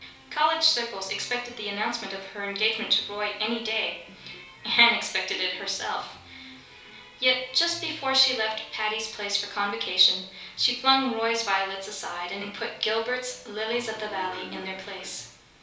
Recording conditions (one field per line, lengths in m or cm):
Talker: one person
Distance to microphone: 3.0 m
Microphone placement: far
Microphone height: 1.8 m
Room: small (3.7 m by 2.7 m)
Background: television